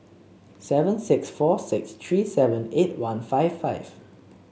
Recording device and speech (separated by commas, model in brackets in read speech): mobile phone (Samsung C7), read sentence